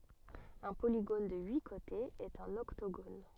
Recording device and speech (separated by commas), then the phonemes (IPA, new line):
soft in-ear microphone, read sentence
œ̃ poliɡon də yi kotez ɛt œ̃n ɔktoɡon